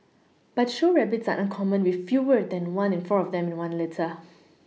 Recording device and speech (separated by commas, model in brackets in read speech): mobile phone (iPhone 6), read sentence